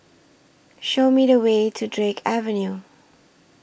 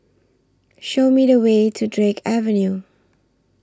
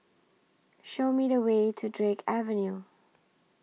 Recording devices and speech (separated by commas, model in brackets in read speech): boundary microphone (BM630), standing microphone (AKG C214), mobile phone (iPhone 6), read sentence